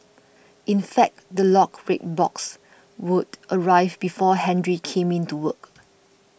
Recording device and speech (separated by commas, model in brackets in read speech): boundary microphone (BM630), read sentence